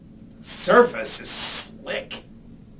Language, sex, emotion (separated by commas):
English, male, disgusted